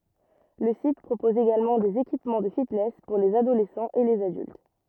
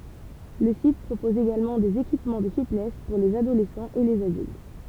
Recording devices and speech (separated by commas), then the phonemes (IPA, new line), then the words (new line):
rigid in-ear microphone, temple vibration pickup, read sentence
lə sit pʁopɔz eɡalmɑ̃ dez ekipmɑ̃ də fitnɛs puʁ lez adolɛsɑ̃z e lez adylt
Le site propose également des équipements de fitness pour les adolescents et les adultes.